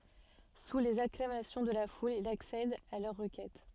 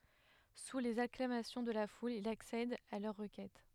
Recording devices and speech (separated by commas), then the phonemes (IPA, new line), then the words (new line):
soft in-ear microphone, headset microphone, read sentence
su lez aklamasjɔ̃ də la ful il aksɛd a lœʁ ʁəkɛt
Sous les acclamations de la foule, il accède à leur requête.